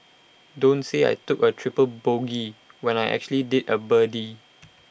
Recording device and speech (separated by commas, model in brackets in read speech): boundary microphone (BM630), read sentence